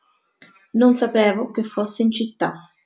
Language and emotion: Italian, neutral